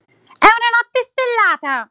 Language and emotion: Italian, happy